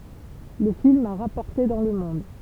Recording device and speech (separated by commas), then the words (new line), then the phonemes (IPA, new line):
temple vibration pickup, read sentence
Le film a rapporté dans le monde.
lə film a ʁapɔʁte dɑ̃ lə mɔ̃d